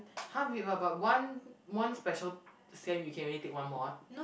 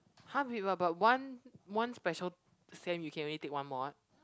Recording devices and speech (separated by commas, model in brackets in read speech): boundary microphone, close-talking microphone, conversation in the same room